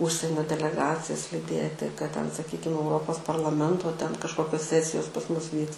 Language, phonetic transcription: Lithuanian, ˈužsienio deleˈgacijas liˈdieti kad ten saˈkykim euˈropos parlaˈmento ten kažˈkokios ˈsesijos pas ˈmus ˈvyks

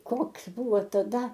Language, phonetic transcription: Lithuanian, ˈkoks ˈbuvo taˈda

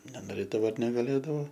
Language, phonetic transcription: Lithuanian, nenoˈrėdavo ar negaˈlėdavo

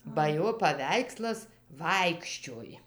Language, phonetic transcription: Lithuanian, ba ˈjo paˈveikslas ˈvaikščioj

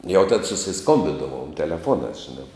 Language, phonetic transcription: Lithuanian, jau tad susiˈskombidavom teleˈfuonās žiˈnā

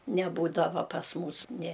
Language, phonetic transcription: Lithuanian, neˈbūdavo pas ˈmūs nė

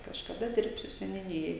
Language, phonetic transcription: Lithuanian, kažkaˈda ˈdirbsiu seniuˈnijoj

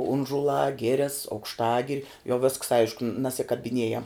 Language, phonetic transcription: Lithuanian, ˈunžulā ˈgires aukšˈtagiri jau visks ˈaišku nasikabiˈnėjam

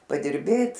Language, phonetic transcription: Lithuanian, padirˈbėt

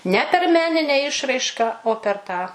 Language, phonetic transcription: Lithuanian, ne per ˈmeninę ˈišraiška o per ˈtą

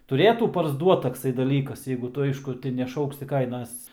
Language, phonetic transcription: Lithuanian, tuˈrėtų parsˈduot takˈsai daˈlykas jeigu ˈtu ˈaišku ti neˈšauksi ˈkainas

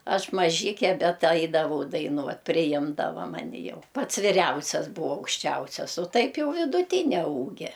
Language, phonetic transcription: Lithuanian, ˈaš maˈžike ˈbet ˈaidavau daiˈnuot priˈjimdava ˈmani jau ˈpats viˈriausias ˈbūa aukšˈčiausias o ˈtaip ˈjau viduˈtinia ˈūgia

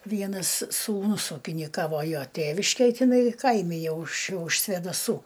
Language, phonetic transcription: Lithuanian, ˈvienas sūˈnus ūkiniˈkavo ˈjo ˈtėviškėj tiˈnai ˈkaimi ˈjau už už svėdaˈsų

